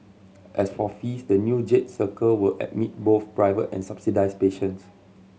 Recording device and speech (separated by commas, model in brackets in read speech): mobile phone (Samsung C7100), read sentence